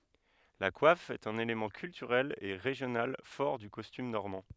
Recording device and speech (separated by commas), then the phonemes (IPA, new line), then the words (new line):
headset microphone, read sentence
la kwaf ɛt œ̃n elemɑ̃ kyltyʁɛl e ʁeʒjonal fɔʁ dy kɔstym nɔʁmɑ̃
La coiffe est un élément culturel et régional fort du costume normand.